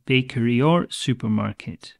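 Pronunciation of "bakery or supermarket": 'or' links straight into the next word, 'supermarket'.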